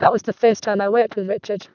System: VC, vocoder